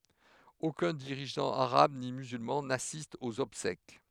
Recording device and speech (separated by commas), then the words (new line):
headset microphone, read sentence
Aucun dirigeant arabe ni musulman n'assiste aux obsèques.